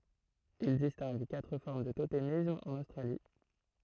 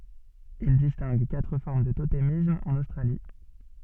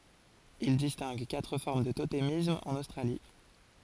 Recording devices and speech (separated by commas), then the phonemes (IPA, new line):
throat microphone, soft in-ear microphone, forehead accelerometer, read sentence
il distɛ̃ɡ katʁ fɔʁm dy totemism ɑ̃n ostʁali